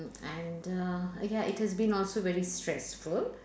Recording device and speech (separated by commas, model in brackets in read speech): standing microphone, conversation in separate rooms